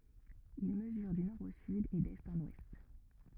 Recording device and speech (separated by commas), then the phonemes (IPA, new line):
rigid in-ear microphone, read sentence
il məzyʁ dy nɔʁ o syd e dɛst ɑ̃n wɛst